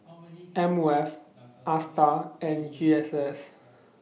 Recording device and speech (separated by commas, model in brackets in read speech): mobile phone (iPhone 6), read sentence